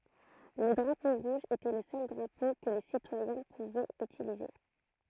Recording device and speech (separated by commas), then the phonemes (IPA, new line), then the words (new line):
throat microphone, read sentence
lə dʁapo ʁuʒ etɛ lə sœl dʁapo kə le sitwajɛ̃ puvɛt ytilize
Le drapeau rouge était le seul drapeau que les citoyens pouvaient utiliser.